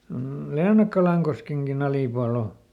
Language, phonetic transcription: Finnish, m̥ ˈLeenakkalaŋkoskeŋkiˈn ‿alìpual ‿o .
- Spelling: mm Leenakkalankoskenkin alipuolella on

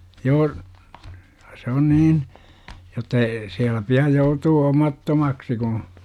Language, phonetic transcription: Finnish, 'joo , se on 'niin , jotta ee 'siällä pi₍a 'joutuu "omattomaksi kuṵ , .
- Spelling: joo se on niin jotta ei siellä pidä joutua omattomaksi kun

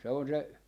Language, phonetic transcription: Finnish, se on se , .
- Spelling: se on se

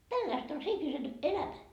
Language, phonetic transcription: Finnish, 'tälläist ‿on se 'ihmisen , "elämä .
- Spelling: tällaista on se ihmisen elämä

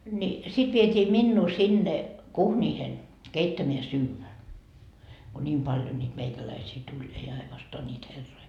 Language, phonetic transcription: Finnish, ńi , sit viet́ii 'minnuu 'sinne , "kuhńiihen , 'keittämeä 'syyvä , ko 'ńiim paljo nyt 'meikäläisii tuĺ , ei ainostoa ńiit 'herroi .
- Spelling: niin sitten vietiin minua sinne kuhniin keittämään syödä kun niin paljon nyt meikäläisiä tuli ei ainoastaan niitä herroja

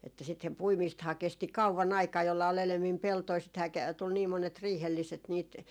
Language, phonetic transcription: Finnish, että ('sithem) "puimiisthaa 'kesti "kauvan 'aikaa jolla ol 'elemmim 'peltoi sithää ke- , tul nii 'monet 'riihelliset niit ,.
- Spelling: että - puimistahan kesti kauan aikaa jolla oli enemmin peltoja sitähän - tuli niin monet riihelliset niitä

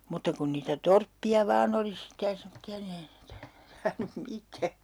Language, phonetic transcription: Finnish, 'mutta kun niitä "torppi₍a 'vaan ‿oli sitte ja 'semotti₍a ni (ei ne) , saanum 'mitää .
- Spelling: mutta kun niitä torppia vain oli sitten ja semmoisia niin ei ne saanut mitään

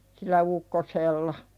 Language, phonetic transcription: Finnish, sil̆lä "ukkosella .
- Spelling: sillä ukkosella

